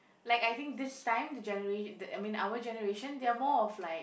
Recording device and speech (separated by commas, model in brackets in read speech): boundary microphone, conversation in the same room